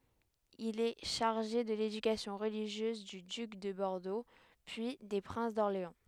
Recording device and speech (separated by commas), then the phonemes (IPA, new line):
headset microphone, read sentence
il ɛ ʃaʁʒe də ledykasjɔ̃ ʁəliʒjøz dy dyk də bɔʁdo pyi de pʁɛ̃s dɔʁleɑ̃